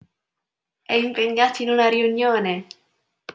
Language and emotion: Italian, happy